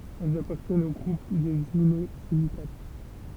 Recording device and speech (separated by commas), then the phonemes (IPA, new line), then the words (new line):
temple vibration pickup, read sentence
ɛlz apaʁtjɛnt o ɡʁup dez inozilikat
Elles appartiennent au groupe des inosilicates.